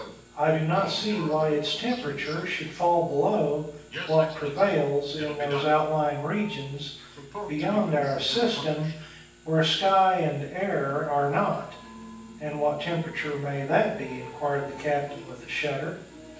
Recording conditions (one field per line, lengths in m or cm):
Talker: one person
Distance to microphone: 9.8 m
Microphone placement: far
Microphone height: 1.8 m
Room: large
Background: television